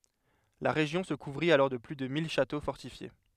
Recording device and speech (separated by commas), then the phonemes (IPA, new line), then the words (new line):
headset microphone, read sentence
la ʁeʒjɔ̃ sə kuvʁit alɔʁ də ply də mil ʃato fɔʁtifje
La région se couvrit alors de plus de mille châteaux fortifiés.